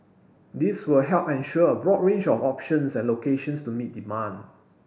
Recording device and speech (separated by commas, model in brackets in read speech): boundary microphone (BM630), read sentence